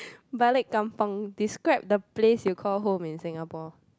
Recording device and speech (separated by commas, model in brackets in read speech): close-talking microphone, conversation in the same room